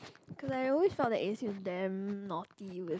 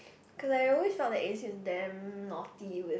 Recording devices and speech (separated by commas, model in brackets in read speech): close-talking microphone, boundary microphone, conversation in the same room